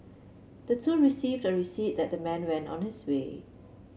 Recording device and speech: mobile phone (Samsung C7), read sentence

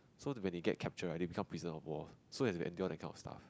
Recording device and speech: close-talking microphone, conversation in the same room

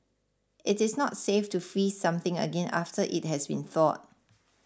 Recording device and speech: standing microphone (AKG C214), read sentence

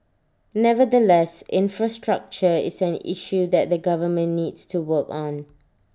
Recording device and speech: standing microphone (AKG C214), read sentence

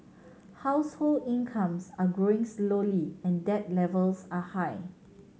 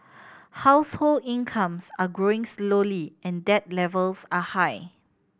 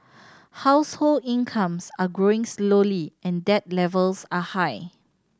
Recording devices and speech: mobile phone (Samsung C7100), boundary microphone (BM630), standing microphone (AKG C214), read sentence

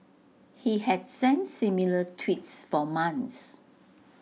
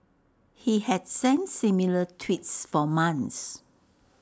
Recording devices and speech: mobile phone (iPhone 6), standing microphone (AKG C214), read sentence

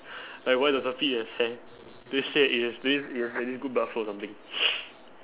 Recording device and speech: telephone, conversation in separate rooms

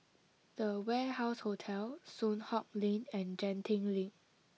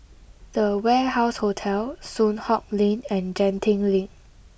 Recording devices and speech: mobile phone (iPhone 6), boundary microphone (BM630), read sentence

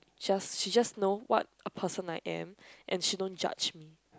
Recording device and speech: close-talking microphone, conversation in the same room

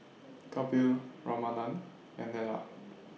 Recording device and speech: mobile phone (iPhone 6), read sentence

